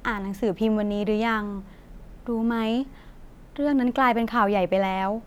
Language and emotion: Thai, neutral